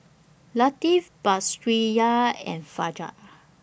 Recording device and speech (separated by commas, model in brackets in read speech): boundary microphone (BM630), read sentence